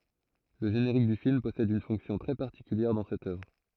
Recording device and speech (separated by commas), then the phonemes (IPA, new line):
throat microphone, read sentence
lə ʒeneʁik dy film pɔsɛd yn fɔ̃ksjɔ̃ tʁɛ paʁtikyljɛʁ dɑ̃ sɛt œvʁ